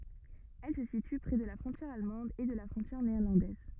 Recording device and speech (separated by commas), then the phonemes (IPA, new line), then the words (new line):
rigid in-ear microphone, read sentence
ɛl sə sity pʁɛ də la fʁɔ̃tjɛʁ almɑ̃d e də la fʁɔ̃tjɛʁ neɛʁlɑ̃dɛz
Elle se situe près de la frontière allemande et de la frontière néerlandaise.